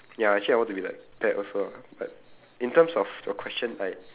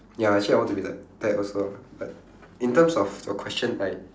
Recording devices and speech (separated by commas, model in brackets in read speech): telephone, standing microphone, conversation in separate rooms